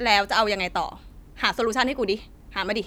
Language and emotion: Thai, frustrated